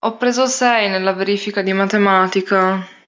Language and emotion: Italian, sad